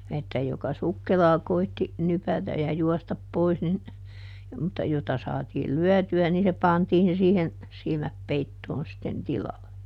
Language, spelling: Finnish, että joka sukkelaan koetti nypätä ja juosta pois niin mutta jota saatiin lyötyä niin se pantiin siihen silmät peittoon sitten tilalle
- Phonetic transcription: että joka "sukkelaa koitti , ˈnypätäj̆ ja ˈjuɔstap ˈpois nin , mutta ˈjota saatiil "lyɔ̈̀ty₍ä nii se ˈpantiin ˈsiihen , ˈsilmäp "peittoon sitten "tilalle .

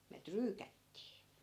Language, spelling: Finnish, me tryykättiin
- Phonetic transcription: me 'tryykättii .

